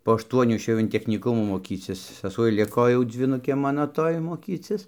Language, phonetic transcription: Lithuanian, po ašˈtuonių išˈėjau in technyˈkumų moˈkycis saˈsuoj ˈliko ˈjau dzvyˈnukė ˈmano ˈtoj moˈkycis

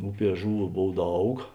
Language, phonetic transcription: Lithuanian, ˈuˌpie ˈžuˌvų ˈbov ˈdaug

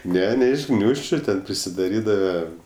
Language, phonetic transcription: Lithuanian, ˈne ˈne iš ˈgniūžčiu ten prisiˈdarydava

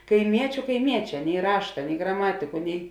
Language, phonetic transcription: Lithuanian, kaiˈmiečiu kaiˈmieˌčē nei ˈrašta nei graˈmatiku nei

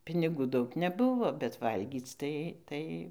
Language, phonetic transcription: Lithuanian, piniˈgų ˈdaug neˈbuvo bet ˈvalgyc tai ˈtai

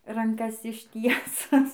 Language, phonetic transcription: Lithuanian, ranˈkas išˈtiesus

